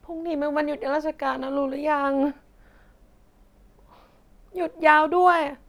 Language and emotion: Thai, sad